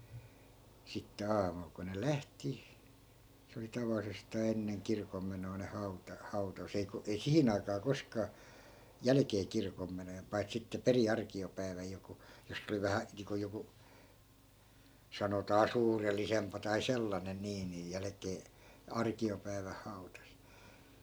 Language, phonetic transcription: Finnish, sitte 'aamul ko ne "lähti , se oli 'taval̆lisestaa 'enneŋ 'kirkommenoi̮ ne 'hau̬ta- , 'hau̬tas ei ko- , ei "sihin ‿aikaa 'koskaa , "jälᵃ̈kee 'kirkommenojen 'pai̮t sitte "peri 'arki₍opäi̮väj joku , jos's ‿oli "vähä , niiŋko joku , 'sanotaa "suurellisempa tai 'sellanen nii nij "jälᵃ̈kee , "arki₍opäi̮väh 'hau̬tas .
- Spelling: sitten aamulla kun ne lähti se oli tavallisestaan ennen kirkonmenoja ne - hautasi ei - ei siihen aikaan koskaan jälkeen kirkonmenojen paitsi sitten perin arkiopäivänä joku jossa oli vähän niin kuin joku sanotaan suurellisempaa tai sellainen niin niin jälkeen arkiopäivän hautasi

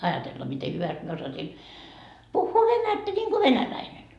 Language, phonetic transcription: Finnish, 'ajatella mite 'hyväst mie osasin , 'puhhuu "venättä ńiŋGo "venäläinen .
- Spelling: ajatella miten hyvästi minä osasin puhua venättä niin kuin venäläinen

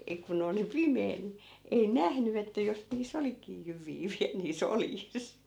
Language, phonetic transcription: Finnish, ei ku'n ‿oli "pimee ni , 'ei "nähny että jos nii's ‿olikii 'jyv̆vii viäl nii's ‿oljis .
- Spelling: ei kun oli pimeä niin ei nähnyt että jos niissä olikin jyviä vielä niissä oljissa

